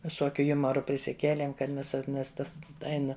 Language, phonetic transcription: Lithuanian, viˈsokiu ˈjumaru prisiˈkėlėm kad ˈmes nes ˈtas ˈeina

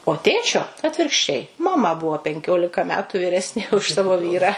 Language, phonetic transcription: Lithuanian, o ˈtėčio atvirkšˈčiai maˈma ˈbuvo penˈkiolika ˈmetu vyˈresnė už ˈsavo ˈvyrą

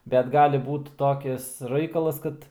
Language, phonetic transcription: Lithuanian, bet ˈgali ˈbūt ˈtokis ˈraikalas ˈkad

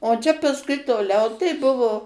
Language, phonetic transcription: Lithuanian, o čia pasˈkui toˈliau tai ˈbuvo

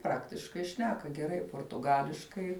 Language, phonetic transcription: Lithuanian, ˈpraktiškai ˈšneka geˈrai portuˈgališkai

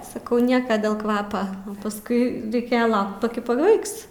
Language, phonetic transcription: Lithuanian, saˈkau ˈnieka dėl ˈkvapa pasˈkui reiˈkėja ˈlaukt paˈki paˈbaiks

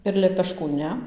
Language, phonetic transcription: Lithuanian, ir lepeˈškų ˈne

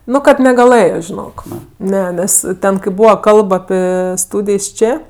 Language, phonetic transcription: Lithuanian, ˈnu kad negaˈlɘjo žiˈnok ˈne ˈnes ˈten kai ˈbūva ˈkalb aˈpi ˈstūdijs ˈčė

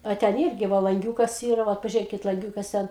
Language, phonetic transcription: Lithuanian, a ˈten ˈirgi ˈvo lanˈgiūkas ˈyra ˈvat pažiuˈrėkit lanˈgiūkas ˈten

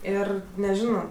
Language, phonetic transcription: Lithuanian, ˈir neˈžino

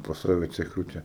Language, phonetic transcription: Lithuanian, pas ˈsave ceˈchūti

